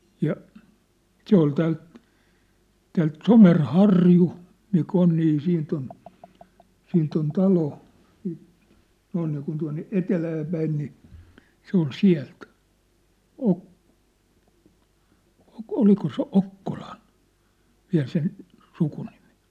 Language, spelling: Finnish, ja se oli täältä täältä Somerharju mikä on niin siitä on siitä on talo siitä noin niin kuin tuonne etelään päin niin se oli sieltä - oliko se Okkolan vielä sen sukunimi
- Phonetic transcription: ja , 'se ‿ol täält , täält "Somer"harju , mi'k ‿on nii 'siint ‿on , 'siint ‿on "talo , siit , noin niikun tua̭nne "etelääpäin ni , 'se ‿ol "siä̭lt , 'Ok- , 'oliko se "Okkoʟᴀɴ , 'viä̭l sen , 'sukunimɪ .

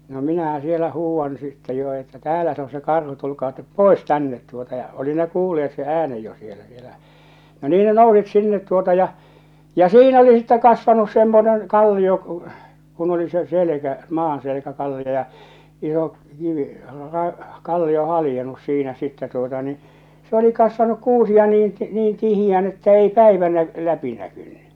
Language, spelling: Finnish, no minähän siellä huudan sitten jo että täällä se on se karhu tulkaa te pois tänne tuota ja oli ne kuulleet sen äänen jo siellä siellä no niin ne nousi sinne tuota ja ja siinä oli sitten kasvanut semmoinen kallio kun kun oli se selkä maanselkä kallio ja iso kivi - kallio haljennut siinä sitten tuota niin se oli kasvanut kuusia niin - niin tiheään että ei päivä - läpi näkynyt
- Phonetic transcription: no 'minähä sielä 'huuwwan sittɛ jo että » "täälä se o se 'karhu tulkaa tep "pòes 'tännet « tuota ja , oli ne 'kuulle₍et se '’äänej jo sielä sielä , no 'nii ne 'nousit 'sinnet tuota ja , ja 'siin ‿oli sittɛ 'kasvanus "semmonen , 'kallio ᵏᵘ , kun oli se "selᵉkä , "maanselᵉkä 'kallio ja , iso , 'kivi , ra- , "kallio 'halⁱjenus siinä sittä tuota ni , se oli kasvanuk 'kuusi₍a niin ti- , niin 'tihijään että ei "päivä nä- , 'läpi näkyɴɴʏ .

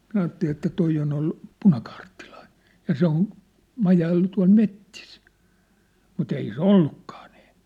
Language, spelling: Finnish, minä ajattelin että tuo on ollut punakaartilainen ja se on majaillut tuolla metsissä mutta ei se ollutkaan niin
- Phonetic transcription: 'minä aatteli että 'toi on ‿ollᴜ , "punakaarttilᴀɪɴ , ja 'se ‿on , "majaillu tua̭l "mettis , mu't ‿ei se "ollukkᴀᴀ ɴɪɪ .

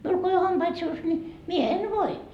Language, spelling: Finnish, minulla kun ei ole hampaita suussa niin minä en voi
- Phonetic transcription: 'miul ko ei o "hampait suus ńi , 'mie 'en "voi » .

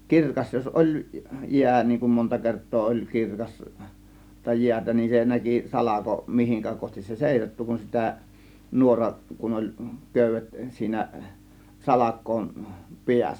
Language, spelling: Finnish, kirkas jos oli jää niin kun monta kertaa oli - kirkasta jäätä niin se näki salko mihin kohti se seisahtui kun sitä nuora kun oli köydet siinä salkojen päässä
- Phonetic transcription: kirkas jos 'ˀoĺ , "jiä , niiŋ kum monta 'kert̆too oĺ 'kirkas- , -ta 'jiätä nin , 'se "näki 'salako , 'mihiŋkä kohtis se "sèisattu kun sitä , 'nuoraˀ , kun oĺ , "kö̀y̆vet siinä , 'salak̆kòėn , "piäs̆sä .

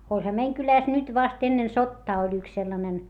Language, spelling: Finnish, olihan meidän kylässä nyt vasta ennen sotaa oli yksi sellainen
- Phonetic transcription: oĺha meiŋ kylä̀s nyt vast ennen sottaa oĺ ‿yks sellanen .

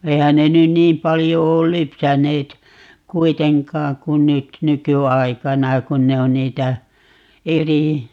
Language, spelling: Finnish, eihän ne nyt niin paljon ole lypsäneet kuitenkaan kun nyt nykyaikana kun ne on niitä eri
- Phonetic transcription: 'eihän ne nyn "niim paljo 'ool "lypsäneet , "kuiteŋkaaŋ kun̆ "nyt , "nyky₍aikana 'kun ne on 'niitä , "eri , .

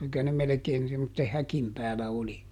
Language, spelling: Finnish, niin kyllä ne melkein semmoisen häkin päällä oli siihen aikaan enimmäkseen kun minäkin
- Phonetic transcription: (niŋ kyl₍ä) ne ˈmelᵉkeen semmotte "häkim päälä ˈoli , ˈsiihin ‿aikaan , ˈenemmäkseeŋ kum ˈminäki .

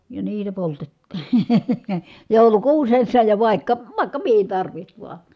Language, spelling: Finnish, ja niitä poltettiin joulukuusessa ja vaikka vaikka mihin tarvitsi vain
- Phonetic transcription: ja niitä poltettI , jòu̬lukuusessa ja vài̮kka , vàikka mihin tarviht vua .

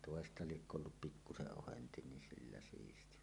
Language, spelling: Finnish, toista liekö ollut pikkuisen ohensi niin sillä siisti vaan
- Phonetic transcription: tòesta liekkö ollup "pikkuseˀ 'ˀohenti ni 'sillä 'siisti va ,.

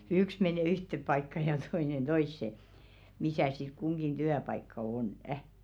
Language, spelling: Finnish, yksi mene yhteen paikkaan ja toinen toiseen missä sitten kunkin työpaikka on
- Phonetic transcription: 'yks menè "yhteᵖ paikka ja t§oinen "toisse , misä̀ sit 'kuŋɢin "tyäpaikka 'oǹᵊ .

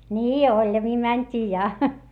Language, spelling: Finnish, niin oljamiin mentiin ja
- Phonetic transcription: nii oĺjamii mäńt́ii ja .

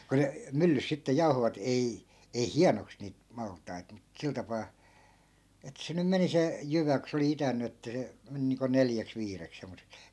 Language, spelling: Finnish, kun ne myllyssä sitten jauhoivat ei ei hienoksi niitä maltaita mutta sillä tapaa että se nyt meni se jyvä kun se oli itänyt että se meni niin kuin neljäksi viideksi semmoiseksi
- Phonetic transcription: ku 'ne , 'myllys sitte 'jau̬hovat "ei , ei "hianoks niit , 'malt̆tai̮t mut 'sil tapaa , et 'se nym 'meni se , 'jyvä ko se oli 'itänny että se , 'meni niiŋko "neljäks 'viirek semmose(k) .

